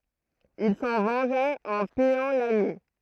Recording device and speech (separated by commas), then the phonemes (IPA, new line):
throat microphone, read sentence
il sɑ̃ vɑ̃ʒa ɑ̃ pijɑ̃ laɲi